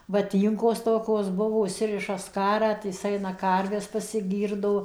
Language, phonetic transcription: Lithuanian, vaˈtynkos ˈtokos ˈbuvo užˈsiriša ˈskarą tai ˈjis ˈaina ˈkarves pasiˈgyrdo

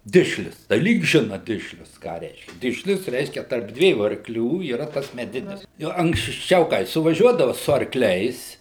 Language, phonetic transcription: Lithuanian, ˈdišlius tai ˈlyg ˈžina ˈdišlius ką ˈreiškia ˈdišlius ˈreiškia tarp ˈdviejų arkˈlių yˈra ˈtas meˈdinis ˈjo anksˈčiau kai suvaˈžiuodava su arˈkliais

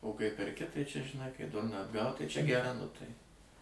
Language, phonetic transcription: Lithuanian, o kai perˈki ˈtai čia žiˈnai kai ˈdurną atˈgaut ˈtai čia geˈra nu ˈtai

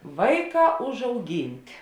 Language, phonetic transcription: Lithuanian, ˈvaiˌkā užauˈginti

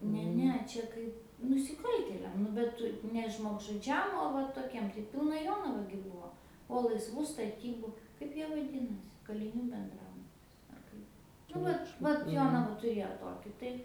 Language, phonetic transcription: Lithuanian, ˈne ˈne ˈčia kaip nusiˈkaltėliam ˈnu bet ˈtu ne žmogžuˈdžiam o ˈva toˈkiem tai ˈpilna ˈjonava gi ˈbuvo o laisˈvų staˈtybu ˈkaip jie vaˈdinasi kaliˈnių benˈdrabutis ar ˈkaip nu ˈvat ˈvat ˈjonava tuˈrėjo ˈtoki tai

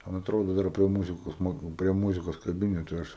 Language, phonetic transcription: Lithuanian, ˈman atˈrodu ˈdar prie ˈmūzikos ˈmok prie ˈmūzikos kaˈbinetu ˈaš

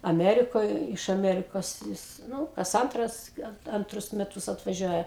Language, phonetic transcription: Lithuanian, aˈmerikoj iš aˈmerikos ˈjis ˈnū kas ˈantras ˈgal anˈtrus meˈtus atvaˈžiuoja

